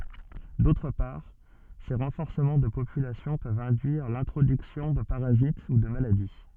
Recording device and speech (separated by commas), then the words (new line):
soft in-ear microphone, read sentence
D’autre part, ces renforcements de population peuvent induire l’introduction de parasites ou de maladies.